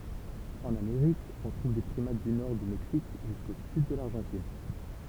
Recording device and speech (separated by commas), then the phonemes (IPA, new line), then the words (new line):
temple vibration pickup, read sentence
ɑ̃n ameʁik ɔ̃ tʁuv de pʁimat dy nɔʁ dy mɛksik ʒysko syd də laʁʒɑ̃tin
En Amérique, on trouve des primates du nord du Mexique jusqu'au sud de l'Argentine.